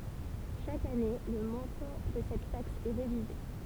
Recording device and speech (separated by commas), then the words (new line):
temple vibration pickup, read sentence
Chaque année, le montant de cette taxe est révisé.